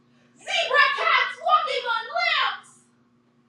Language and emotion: English, happy